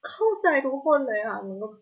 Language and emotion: Thai, sad